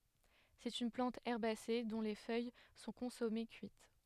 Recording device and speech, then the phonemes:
headset microphone, read sentence
sɛt yn plɑ̃t ɛʁbase dɔ̃ le fœj sɔ̃ kɔ̃sɔme kyit

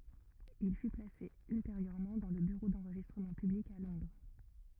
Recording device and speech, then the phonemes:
rigid in-ear microphone, read sentence
il fy plase ylteʁjøʁmɑ̃ dɑ̃ lə byʁo dɑ̃ʁʒistʁəmɑ̃ pyblik a lɔ̃dʁ

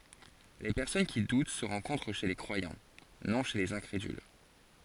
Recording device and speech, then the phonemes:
forehead accelerometer, read sentence
le pɛʁsɔn ki dut sə ʁɑ̃kɔ̃tʁ ʃe le kʁwajɑ̃ nɔ̃ ʃe lez ɛ̃kʁedyl

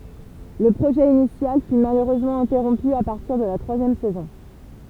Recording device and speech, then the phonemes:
temple vibration pickup, read sentence
lə pʁoʒɛ inisjal fy maløʁøzmɑ̃ ɛ̃tɛʁɔ̃py a paʁtiʁ də la tʁwazjɛm sɛzɔ̃

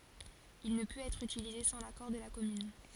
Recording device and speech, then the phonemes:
forehead accelerometer, read sentence
il nə pøt ɛtʁ ytilize sɑ̃ lakɔʁ də la kɔmyn

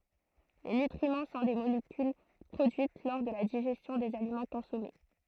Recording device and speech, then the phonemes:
throat microphone, read sentence
le nytʁimɑ̃ sɔ̃ de molekyl pʁodyit lɔʁ də la diʒɛstjɔ̃ dez alimɑ̃ kɔ̃sɔme

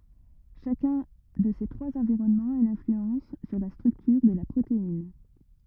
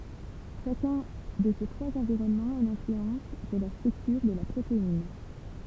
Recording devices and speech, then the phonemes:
rigid in-ear microphone, temple vibration pickup, read sentence
ʃakœ̃ də se tʁwaz ɑ̃viʁɔnmɑ̃z a yn ɛ̃flyɑ̃s syʁ la stʁyktyʁ də la pʁotein

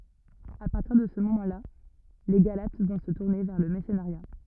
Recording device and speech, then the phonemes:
rigid in-ear microphone, read sentence
a paʁtiʁ də sə momɑ̃ la le ɡalat vɔ̃ sə tuʁne vɛʁ lə mɛʁsənəʁja

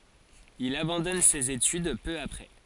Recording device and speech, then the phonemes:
forehead accelerometer, read sentence
il abɑ̃dɔn sez etyd pø apʁɛ

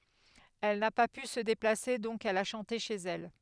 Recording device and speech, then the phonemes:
headset microphone, read sentence
ɛl na pa py sə deplase dɔ̃k ɛl a ʃɑ̃te ʃez ɛl

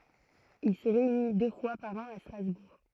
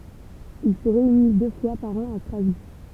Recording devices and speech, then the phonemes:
throat microphone, temple vibration pickup, read sentence
il sə ʁeyni dø fwa paʁ ɑ̃ a stʁazbuʁ

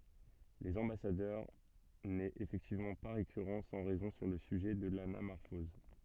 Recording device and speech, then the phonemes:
soft in-ear microphone, read sentence
lez ɑ̃basadœʁ nɛt efɛktivmɑ̃ pa ʁekyʁɑ̃ sɑ̃ ʁɛzɔ̃ syʁ lə syʒɛ də lanamɔʁfɔz

